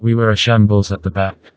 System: TTS, vocoder